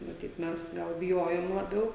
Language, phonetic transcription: Lithuanian, maˈtyt ˈmes gal biˈjojom laˈbiau

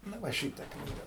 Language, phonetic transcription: Lithuanian, nu ˈva ˈšyta ˈknyga

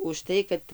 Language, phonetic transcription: Lithuanian, užˈtai kad

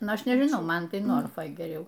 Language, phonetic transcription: Lithuanian, ˈnu ˈaš nežiˈnau ˈman ˈtai norfoj geˈriau

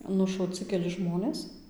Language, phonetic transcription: Lithuanian, nušauˈci keˈli ˈžmonės

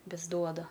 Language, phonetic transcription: Lithuanian, ˈvis ˈduoda

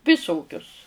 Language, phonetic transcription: Lithuanian, viˈsokius

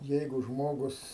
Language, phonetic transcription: Lithuanian, ˈjeigu ˈžmogus

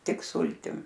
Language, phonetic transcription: Lithuanian, ˈtik ˈsultim

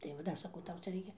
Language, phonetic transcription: Lithuanian, tai va ˈdar saˈkau ˈtau ˈcia ˈreikia

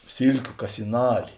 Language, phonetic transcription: Lithuanian, ˈsylkiu kasiˈnali

